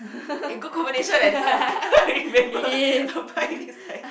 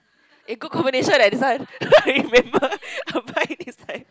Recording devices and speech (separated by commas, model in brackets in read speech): boundary microphone, close-talking microphone, conversation in the same room